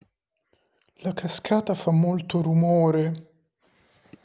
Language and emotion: Italian, sad